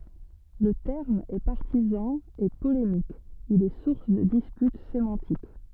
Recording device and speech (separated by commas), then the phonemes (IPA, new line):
soft in-ear microphone, read sentence
lə tɛʁm ɛ paʁtizɑ̃ e polemik il ɛ suʁs də dispyt semɑ̃tik